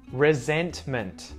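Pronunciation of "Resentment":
In 'resentment', the T sounds after the N are pronounced, not muted.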